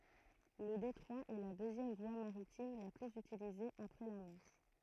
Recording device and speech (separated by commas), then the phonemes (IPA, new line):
throat microphone, read sentence
lə detʁwa ɛ la døzjɛm vwa maʁitim la plyz ytilize apʁɛ la mɑ̃ʃ